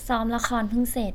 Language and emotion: Thai, neutral